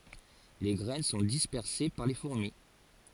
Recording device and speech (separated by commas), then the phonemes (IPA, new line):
forehead accelerometer, read sentence
le ɡʁɛn sɔ̃ dispɛʁse paʁ le fuʁmi